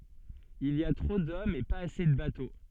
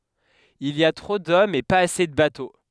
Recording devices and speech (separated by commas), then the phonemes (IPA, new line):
soft in-ear microphone, headset microphone, read sentence
il i a tʁo dɔmz e paz ase də bato